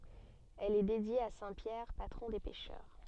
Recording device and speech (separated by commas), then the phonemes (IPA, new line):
soft in-ear microphone, read sentence
ɛl ɛ dedje a sɛ̃ pjɛʁ patʁɔ̃ de pɛʃœʁ